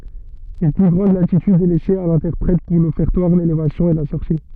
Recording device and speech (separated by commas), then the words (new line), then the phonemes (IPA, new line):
soft in-ear microphone, read sentence
Une plus grande latitude est laissée à l'interprète pour l'Offertoire, l'Élévation et la sortie.
yn ply ɡʁɑ̃d latityd ɛ lɛse a lɛ̃tɛʁpʁɛt puʁ lɔfɛʁtwaʁ lelevasjɔ̃ e la sɔʁti